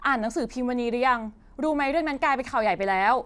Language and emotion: Thai, frustrated